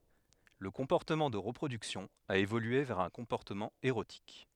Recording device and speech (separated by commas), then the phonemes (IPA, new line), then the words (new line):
headset microphone, read sentence
lə kɔ̃pɔʁtəmɑ̃ də ʁəpʁodyksjɔ̃ a evolye vɛʁ œ̃ kɔ̃pɔʁtəmɑ̃ eʁotik
Le comportement de reproduction a évolué vers un comportement érotique.